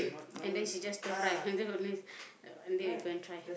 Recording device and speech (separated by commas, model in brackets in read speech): boundary microphone, conversation in the same room